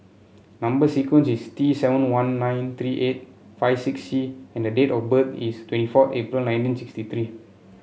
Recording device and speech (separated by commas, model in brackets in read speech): mobile phone (Samsung C7), read sentence